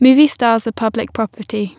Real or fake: real